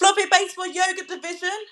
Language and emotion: English, angry